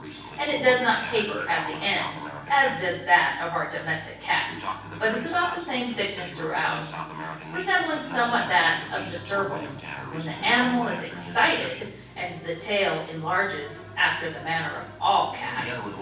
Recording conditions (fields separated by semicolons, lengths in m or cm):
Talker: one person; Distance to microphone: 9.8 m; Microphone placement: far; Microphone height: 1.8 m; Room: large; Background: television